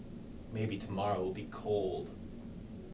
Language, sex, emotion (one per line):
English
male
neutral